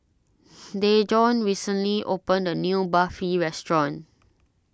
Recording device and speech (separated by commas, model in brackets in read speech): standing microphone (AKG C214), read sentence